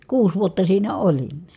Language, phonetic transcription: Finnish, kuus vuotta siinä olin .
- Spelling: kuusi vuotta siinä olin

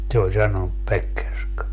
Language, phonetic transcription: Finnish, » se ol 'sanonup 'Pekkerska .
- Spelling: se oli sanonut Pekkerska

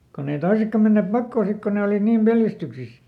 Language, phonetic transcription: Finnish, konn ‿ei ˈtoisekka menneep "pakkoo ˈsik ko ne olìt niim "peljästyksis .
- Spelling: kun ei toisetkaan menneet pakoon sitten kun ne olivat niin pelästyksissä

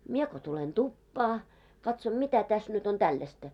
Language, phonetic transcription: Finnish, 'mie ko tulen "tuppaa , katsom 'mitä täs nyt ‿on 'tällästä .
- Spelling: minä kun tulen tupaan katson mitä tässä nyt on tällaista

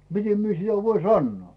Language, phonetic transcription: Finnish, 'mite mie sitä 'voin "sannoo .
- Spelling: miten minä sitä voin sanoa

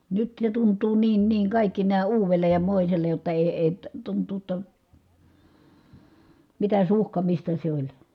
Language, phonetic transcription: Finnish, nyt ne tunt̀uu niin niiŋ kàikki nää uuvel̀ej ja mòisel̀ej jotta èi̮ èi , tunt̀uu ‿tta , mitä suhkamista se oĺ .
- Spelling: nyt ne tuntuu niin niin kaikki nämä uudelle ja moiselle jotta ei ei tuntuu jotta mitä suhkamista se oli

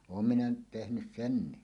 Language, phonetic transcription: Finnish, oom minä nyt 'tehnys "senni .
- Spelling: olen minä nyt tehnyt sen

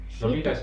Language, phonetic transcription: Finnish, sitte ,.
- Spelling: sitten

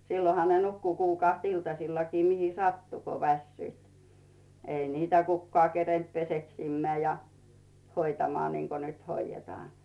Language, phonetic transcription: Finnish, silloha ne 'nukku 'kuukàht iltasillakii 'mihi "sattu ko 'vässyit , 'ei niitä "kukkᵒà kerent 'peseksimmeä̀ ja , 'hoitamᵒà niŋko nyt 'hoijjetᵒàɴ .
- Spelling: silloinhan ne nukkui kuukahti iltasillakin mihin sattui kun väsyivät ei niitä kukaan kerinnyt peseksimään ja hoitamaan niin kuin nyt hoidetaan

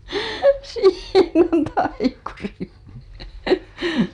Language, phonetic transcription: Finnish, 'siin ‿on 'taikuri .
- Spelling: siinä on taikuri

